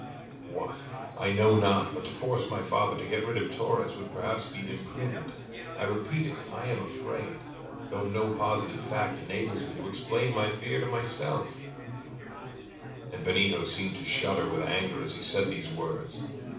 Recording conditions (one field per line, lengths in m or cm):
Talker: one person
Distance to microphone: 5.8 m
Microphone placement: far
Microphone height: 1.8 m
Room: medium-sized (5.7 m by 4.0 m)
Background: babble